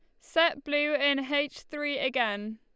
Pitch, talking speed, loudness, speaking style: 285 Hz, 155 wpm, -28 LUFS, Lombard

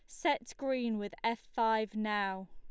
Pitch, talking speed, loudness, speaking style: 220 Hz, 155 wpm, -34 LUFS, Lombard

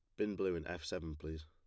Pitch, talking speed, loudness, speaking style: 85 Hz, 285 wpm, -41 LUFS, plain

